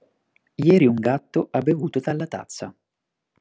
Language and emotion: Italian, neutral